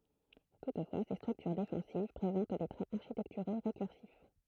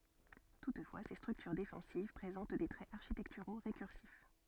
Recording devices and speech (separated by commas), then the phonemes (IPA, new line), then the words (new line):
throat microphone, soft in-ear microphone, read sentence
tutfwa se stʁyktyʁ defɑ̃siv pʁezɑ̃t de tʁɛz aʁʃitɛktyʁo ʁekyʁsif
Toutefois, ces structures défensives présentent des traits architecturaux récursifs.